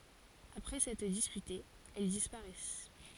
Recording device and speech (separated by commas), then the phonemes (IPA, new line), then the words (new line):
forehead accelerometer, read sentence
apʁɛ sɛtʁ dispytez ɛl dispaʁɛs
Après s'être disputées, elles disparaissent.